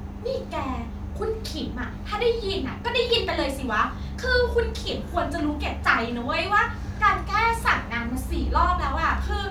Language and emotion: Thai, angry